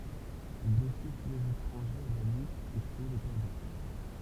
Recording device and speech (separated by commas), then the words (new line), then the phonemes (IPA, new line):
temple vibration pickup, read sentence
Il défiait tous les étrangers à la lutte et tuait les perdants.
il defjɛ tu lez etʁɑ̃ʒez a la lyt e tyɛ le pɛʁdɑ̃